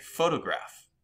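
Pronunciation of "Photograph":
In 'photograph', the stress falls on the middle syllable, 'to'.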